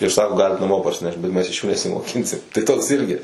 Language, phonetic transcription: Lithuanian, ir ˈsako ˈgalit naˈmo parsiˈnešt bet ˈmes iš ˈjų nesimoˈkinsim tai ˈtoks ˈirgi

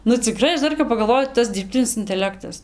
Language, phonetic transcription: Lithuanian, nu ciˈkrai ˈaš ˈdar kap pagalˈvoju ˈtas dirbˈtinis inteˈlektas

